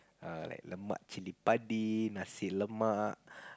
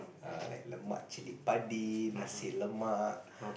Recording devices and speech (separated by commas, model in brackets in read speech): close-talking microphone, boundary microphone, conversation in the same room